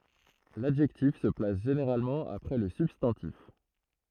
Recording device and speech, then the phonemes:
throat microphone, read sentence
ladʒɛktif sə plas ʒeneʁalmɑ̃ apʁɛ lə sybstɑ̃tif

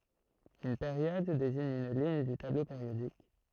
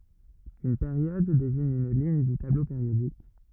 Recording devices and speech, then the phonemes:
throat microphone, rigid in-ear microphone, read sentence
yn peʁjɔd deziɲ yn liɲ dy tablo peʁjodik

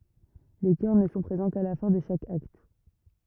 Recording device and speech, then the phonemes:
rigid in-ear microphone, read sentence
le kœʁ nə sɔ̃ pʁezɑ̃ ka la fɛ̃ də ʃak akt

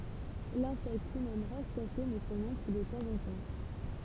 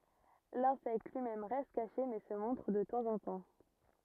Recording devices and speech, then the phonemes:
temple vibration pickup, rigid in-ear microphone, read sentence
lɛ̃sɛkt lyi mɛm ʁɛst kaʃe mɛ sə mɔ̃tʁ də tɑ̃zɑ̃tɑ̃

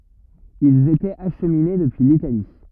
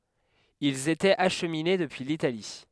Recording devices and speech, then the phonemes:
rigid in-ear microphone, headset microphone, read sentence
ilz etɛt aʃmine dəpyi litali

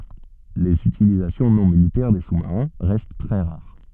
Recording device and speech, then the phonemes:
soft in-ear microphone, read sentence
lez ytilizasjɔ̃ nɔ̃ militɛʁ de susmaʁɛ̃ ʁɛst tʁɛ ʁaʁ

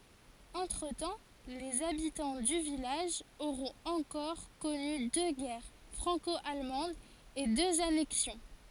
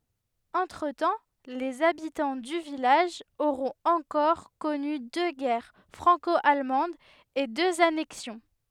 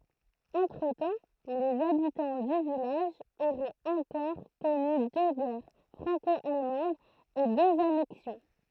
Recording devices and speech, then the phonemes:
forehead accelerometer, headset microphone, throat microphone, read sentence
ɑ̃tʁətɑ̃ lez abitɑ̃ dy vilaʒ oʁɔ̃t ɑ̃kɔʁ kɔny dø ɡɛʁ fʁɑ̃kɔalmɑ̃dz e døz anɛksjɔ̃

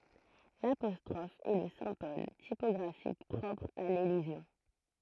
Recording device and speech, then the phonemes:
throat microphone, read sentence
lapɔstʁɔf ɛ lə sɛ̃bɔl tipɔɡʁafik pʁɔpʁ a lelizjɔ̃

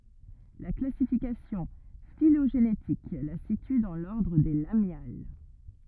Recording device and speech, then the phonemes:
rigid in-ear microphone, read sentence
la klasifikasjɔ̃ filoʒenetik la sity dɑ̃ lɔʁdʁ de lamjal

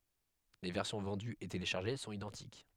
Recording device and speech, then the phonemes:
headset microphone, read sentence
le vɛʁsjɔ̃ vɑ̃dyz e teleʃaʁʒe sɔ̃t idɑ̃tik

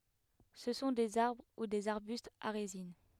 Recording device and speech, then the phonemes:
headset microphone, read sentence
sə sɔ̃ dez aʁbʁ u dez aʁbystz a ʁezin

